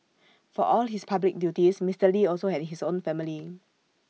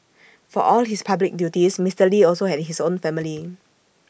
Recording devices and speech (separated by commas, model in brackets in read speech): mobile phone (iPhone 6), boundary microphone (BM630), read sentence